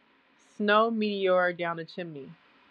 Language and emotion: English, neutral